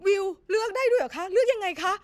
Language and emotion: Thai, happy